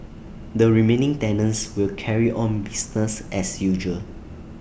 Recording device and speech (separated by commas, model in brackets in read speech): boundary microphone (BM630), read sentence